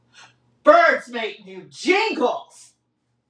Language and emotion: English, disgusted